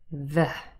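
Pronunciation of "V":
The v sound is voiced, and a bit of a vowel sound is added at the end of it.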